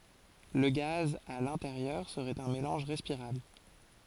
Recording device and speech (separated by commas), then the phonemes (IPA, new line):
forehead accelerometer, read sentence
lə ɡaz a lɛ̃teʁjœʁ səʁɛt œ̃ melɑ̃ʒ ʁɛspiʁabl